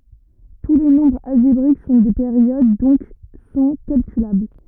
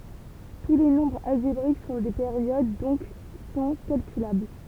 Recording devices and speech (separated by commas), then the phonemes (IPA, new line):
rigid in-ear microphone, temple vibration pickup, read sentence
tu le nɔ̃bʁz alʒebʁik sɔ̃ de peʁjod dɔ̃k sɔ̃ kalkylabl